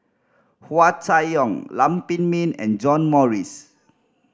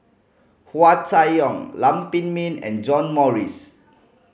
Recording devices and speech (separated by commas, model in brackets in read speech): standing microphone (AKG C214), mobile phone (Samsung C5010), read sentence